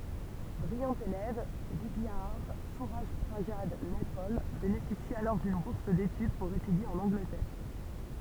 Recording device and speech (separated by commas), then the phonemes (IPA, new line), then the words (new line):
temple vibration pickup, read sentence
bʁijɑ̃ elɛv vidjadaʁ syʁaʒpʁazad nɛpɔl benefisi alɔʁ dyn buʁs detyd puʁ etydje ɑ̃n ɑ̃ɡlətɛʁ
Brillant élève, Vidiadhar Surajprasad Naipaul bénéficie alors d'une bourse d'étude pour étudier en Angleterre.